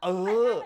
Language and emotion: Thai, happy